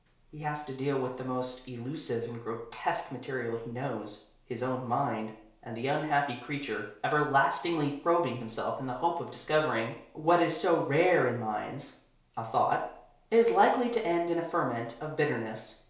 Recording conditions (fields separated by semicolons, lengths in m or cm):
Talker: one person; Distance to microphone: 1.0 m; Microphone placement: close; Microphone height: 1.1 m; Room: small (3.7 m by 2.7 m); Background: none